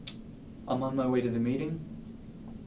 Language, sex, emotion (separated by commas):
English, male, neutral